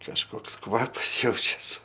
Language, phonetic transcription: Lithuanian, kažˈkoks ˈkvapas ˈjaučias

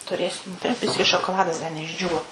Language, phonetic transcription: Lithuanian, tuˈrėsim ˈda ˈbiski šokoˈladas ˈda neišˈdžiūvo

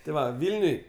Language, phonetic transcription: Lithuanian, ti ˈva ˈvilniuj

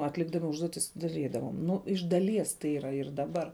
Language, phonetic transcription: Lithuanian, atˈlikdami ˈužduotis daˈrydavom ˈnu iš daˈlies tai ˈyra ir daˈbar

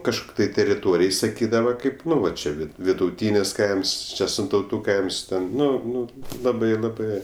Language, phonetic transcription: Lithuanian, kažˈkuk' tai teriˈtorij saˈkydava ˈkaip ˈnu va čia ˈvid viduˈtynis ˈkaims ˈčia sintauˈtų ˈkaims ˈten ˈnu ˈnu ˈlabai laˈbɜ

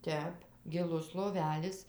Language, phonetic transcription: Lithuanian, ˈtep giˈlus loˈvelis

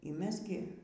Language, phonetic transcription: Lithuanian, y ˈmes gi

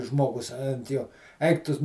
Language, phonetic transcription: Lithuanian, ˈžmogus ant ˈjo ˈaik ˈtu

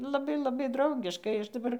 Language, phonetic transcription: Lithuanian, laˈbai laˈbai drauˈgiškai ˈaš daˈbar

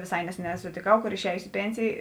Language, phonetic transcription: Lithuanian, vėˈsai ˈneseˌnē sutėˈkau ˈkor išˈejusi i ˈpėnsėjė

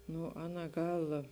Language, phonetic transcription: Lithuanian, ˈnu ˈaˌna ˈgal

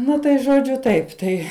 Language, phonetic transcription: Lithuanian, ˈna tai žoˈdžiu ˈtaip ˈtai

